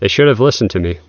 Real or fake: real